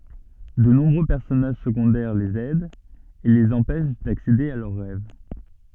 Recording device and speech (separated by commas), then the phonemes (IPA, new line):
soft in-ear microphone, read sentence
də nɔ̃bʁø pɛʁsɔnaʒ səɡɔ̃dɛʁ lez ɛdt e lez ɑ̃pɛʃ daksede a lœʁ ʁɛv